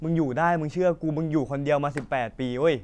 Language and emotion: Thai, neutral